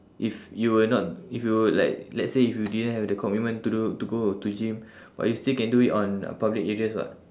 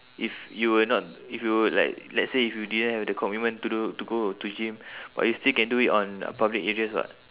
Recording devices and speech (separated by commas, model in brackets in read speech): standing microphone, telephone, conversation in separate rooms